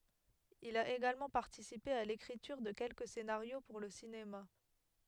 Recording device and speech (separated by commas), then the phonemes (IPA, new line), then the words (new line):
headset microphone, read sentence
il a eɡalmɑ̃ paʁtisipe a lekʁityʁ də kɛlkə senaʁjo puʁ lə sinema
Il a également participé à l'écriture de quelques scénarios pour le cinéma.